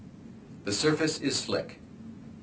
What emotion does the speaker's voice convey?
neutral